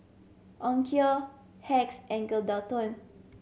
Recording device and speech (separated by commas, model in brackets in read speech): mobile phone (Samsung C7100), read sentence